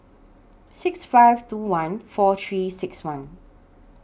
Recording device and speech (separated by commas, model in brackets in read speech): boundary microphone (BM630), read sentence